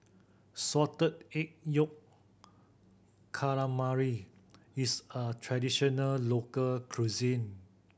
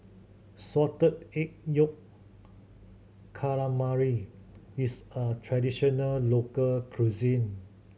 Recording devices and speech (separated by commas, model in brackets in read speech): boundary microphone (BM630), mobile phone (Samsung C7100), read sentence